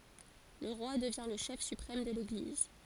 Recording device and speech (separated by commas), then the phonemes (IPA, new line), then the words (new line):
forehead accelerometer, read sentence
lə ʁwa dəvjɛ̃ lə ʃɛf sypʁɛm də leɡliz
Le roi devient le chef suprême de l'Église.